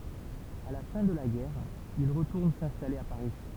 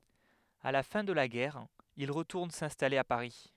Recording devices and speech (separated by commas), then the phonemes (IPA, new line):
temple vibration pickup, headset microphone, read sentence
a la fɛ̃ də la ɡɛʁ il ʁətuʁn sɛ̃stale a paʁi